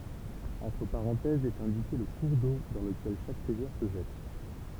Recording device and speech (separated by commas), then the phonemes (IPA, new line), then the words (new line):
temple vibration pickup, read sentence
ɑ̃tʁ paʁɑ̃tɛzz ɛt ɛ̃dike lə kuʁ do dɑ̃ ləkɛl ʃak ʁivjɛʁ sə ʒɛt
Entre parenthèses est indiqué le cours d'eau dans lequel chaque rivière se jette.